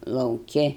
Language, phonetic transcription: Lithuanian, lauˈki

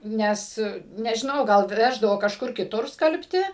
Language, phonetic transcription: Lithuanian, ˈnes nežiˈnau gal ˈveždavo kažˈkur kiˈtur ˈskalbti

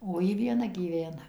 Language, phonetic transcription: Lithuanian, o ˈji vieˈna gyˈvena

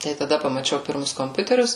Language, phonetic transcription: Lithuanian, tai taˈda pamaˈčiau ˈpirmus komˈpiuterius

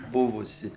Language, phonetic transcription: Lithuanian, ˈbuvusi

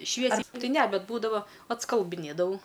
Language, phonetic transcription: Lithuanian, ˈšviesiai ˈtai ˈne ˈbet ˈbūdava atskalbɨˈnėdavau

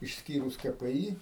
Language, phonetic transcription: Lithuanian, išsˈkyrus ka pe ˈy

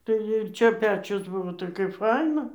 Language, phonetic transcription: Lithuanian, tai ir ˈčia ˈpečius ˈbuvo tai kaip ˈfaina

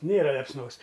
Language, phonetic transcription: Lithuanian, ˈnėra lepsˈnos

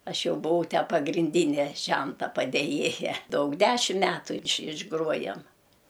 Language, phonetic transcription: Lithuanian, ˈaš ˈjau buˈvau ˈtę pagrinˈdyne ˈženta padėˈjėja ˈdaug ˈdešim ˈmetų iš išˈgruojam

